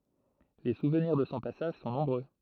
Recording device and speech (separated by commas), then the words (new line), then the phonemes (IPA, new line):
throat microphone, read sentence
Les souvenirs de son passage sont nombreux.
le suvniʁ də sɔ̃ pasaʒ sɔ̃ nɔ̃bʁø